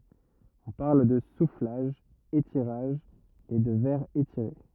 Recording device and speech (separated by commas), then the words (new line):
rigid in-ear microphone, read sentence
On parle de soufflage - étirage et de verre étiré.